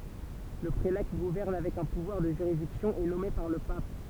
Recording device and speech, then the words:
temple vibration pickup, read sentence
Le prélat qui gouverne avec un pouvoir de juridiction est nommé par le pape.

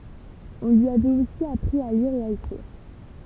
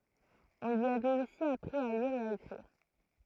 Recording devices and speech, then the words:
temple vibration pickup, throat microphone, read sentence
On lui avait aussi appris à lire et à écrire.

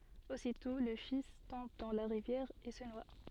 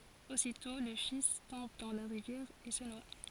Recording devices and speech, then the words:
soft in-ear microphone, forehead accelerometer, read sentence
Aussitôt le fils tombe dans la rivière et se noie.

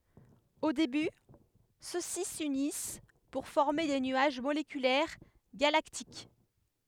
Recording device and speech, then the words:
headset microphone, read sentence
Au début, ceux-ci s'unissent pour former des nuages moléculaires galactiques.

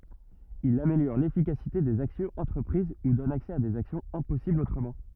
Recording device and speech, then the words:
rigid in-ear microphone, read sentence
Il améliore l'efficacité des actions entreprises ou donne accès à des actions impossibles autrement.

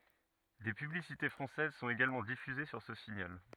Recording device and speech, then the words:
rigid in-ear microphone, read sentence
Des publicités françaises sont également diffusés sur ce signal.

